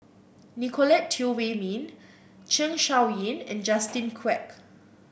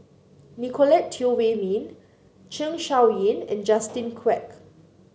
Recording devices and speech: boundary microphone (BM630), mobile phone (Samsung C9), read sentence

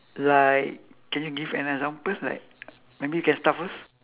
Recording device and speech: telephone, conversation in separate rooms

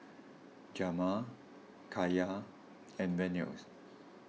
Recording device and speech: mobile phone (iPhone 6), read sentence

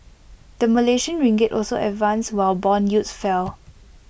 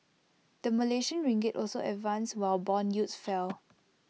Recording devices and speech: boundary microphone (BM630), mobile phone (iPhone 6), read sentence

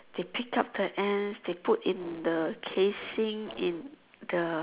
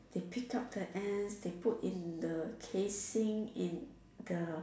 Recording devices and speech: telephone, standing microphone, conversation in separate rooms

